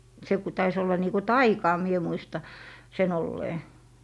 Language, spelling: Finnish, se kun taisi olla niin kuin taikaa minä muistan sen olleen
- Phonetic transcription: se ku 'tais ‿olla nii ku "taikaa mie 'muista , 'se'n ‿ollee .

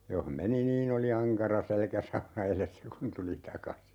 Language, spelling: Finnish, jos meni niin oli ankara selkäsauna edessä kun tuli takaisin
- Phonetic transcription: 'joh "meni niin ‿oli "aŋkara 'selkäsauna 'elessä kun 'tuli "takasi .

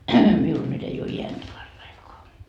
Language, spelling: Finnish, minulla nyt ei ole ääntä paraikaa
- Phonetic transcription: 'miul "nyt ei oo 'ientä "parraikoa .

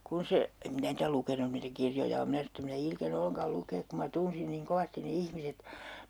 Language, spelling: Finnish, kun se en minä niitä lukenut niitä kirjoja ole minä sanoin että en minä ilkene ollenkaan lukea kun minä tunsin niin kovasti ne ihmiset
- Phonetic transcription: - - - kun 'se , em "minä niitä 'lukenun niitä 'kirjoja om 'minä sanon̬ ‿et't ‿ » em minä 'ilkene 'ollen̬kal 'lukeek ku ma 'tunsin niiŋ "kovastin ne 'ihmiset » .

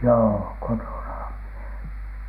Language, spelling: Finnish, joo kotonahan minä
- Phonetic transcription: joo , 'kotona(HAM MIE) .

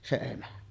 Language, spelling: Finnish, se emä
- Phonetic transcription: se 'emä .

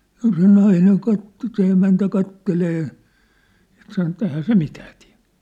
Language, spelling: Finnish, no se nainen katsoi se emäntä katselee ja sanoi että eihän se mitään tee
- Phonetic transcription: no se 'naineŋ 'katto se 'emäntä 'kattelee , ja sano et̆t ‿ehää "se 'mitää tlᴀ̭̈ .

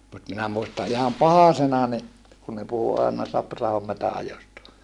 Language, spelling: Finnish, mutta minä muistan ihan pahasena niin kun ne puhui aina Sapra-ahon metsänajosta
- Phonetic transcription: mut minä muista iham pahasena ni , kun ne puhu àena Saprahom metä₍ajosta .

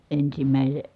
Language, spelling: Finnish, -
- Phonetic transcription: ensimä̀ise- ,.

